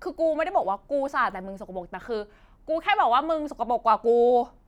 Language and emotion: Thai, angry